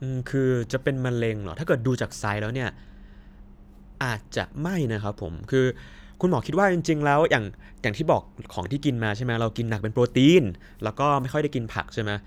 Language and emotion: Thai, neutral